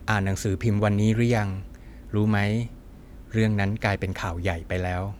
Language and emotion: Thai, neutral